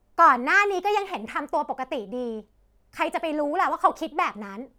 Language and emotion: Thai, frustrated